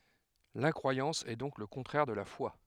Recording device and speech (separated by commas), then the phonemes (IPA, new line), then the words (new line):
headset microphone, read sentence
lɛ̃kʁwajɑ̃s ɛ dɔ̃k lə kɔ̃tʁɛʁ də la fwa
L'incroyance est donc le contraire de la foi.